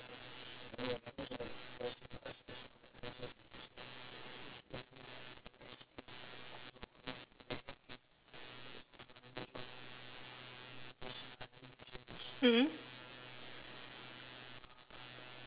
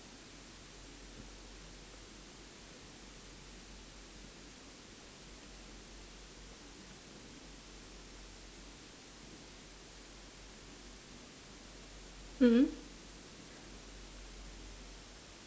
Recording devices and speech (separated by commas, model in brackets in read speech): telephone, standing microphone, conversation in separate rooms